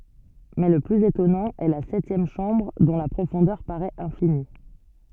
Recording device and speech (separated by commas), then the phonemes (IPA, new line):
soft in-ear microphone, read sentence
mɛ lə plyz etɔnɑ̃ ɛ la sɛtjɛm ʃɑ̃bʁ dɔ̃ la pʁofɔ̃dœʁ paʁɛt ɛ̃fini